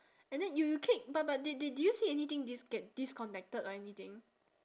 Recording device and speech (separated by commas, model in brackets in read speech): standing microphone, conversation in separate rooms